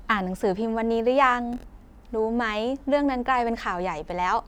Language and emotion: Thai, happy